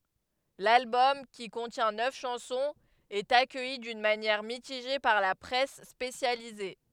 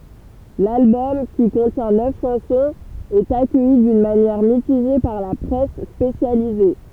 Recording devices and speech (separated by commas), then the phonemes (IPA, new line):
headset microphone, temple vibration pickup, read sentence
lalbɔm ki kɔ̃tjɛ̃ nœf ʃɑ̃sɔ̃z ɛt akœji dyn manjɛʁ mitiʒe paʁ la pʁɛs spesjalize